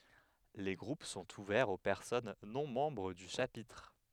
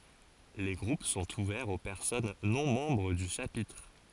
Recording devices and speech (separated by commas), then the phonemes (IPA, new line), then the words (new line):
headset microphone, forehead accelerometer, read sentence
le ɡʁup sɔ̃t uvɛʁz o pɛʁsɔn nɔ̃ mɑ̃bʁ dy ʃapitʁ
Les groupes sont ouverts aux personnes non membres du Chapitre.